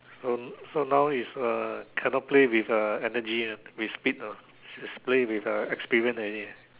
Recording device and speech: telephone, conversation in separate rooms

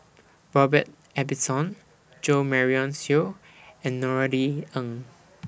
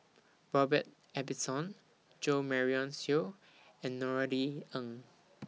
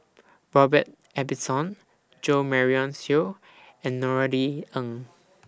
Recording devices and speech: boundary microphone (BM630), mobile phone (iPhone 6), standing microphone (AKG C214), read sentence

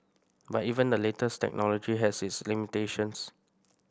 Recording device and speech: boundary microphone (BM630), read sentence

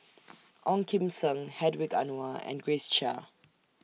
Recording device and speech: mobile phone (iPhone 6), read sentence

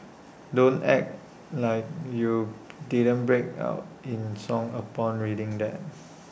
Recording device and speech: boundary microphone (BM630), read sentence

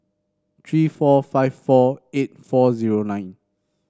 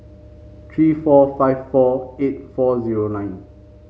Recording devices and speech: standing microphone (AKG C214), mobile phone (Samsung C5), read sentence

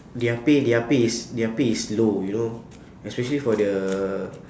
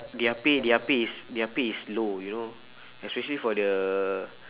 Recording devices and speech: standing microphone, telephone, conversation in separate rooms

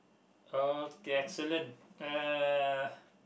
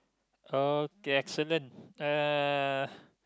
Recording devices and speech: boundary microphone, close-talking microphone, conversation in the same room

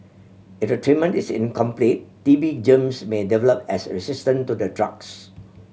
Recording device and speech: mobile phone (Samsung C7100), read sentence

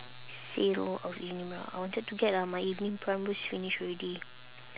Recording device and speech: telephone, conversation in separate rooms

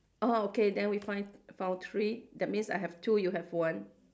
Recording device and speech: standing microphone, conversation in separate rooms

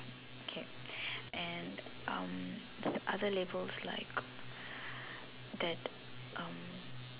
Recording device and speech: telephone, conversation in separate rooms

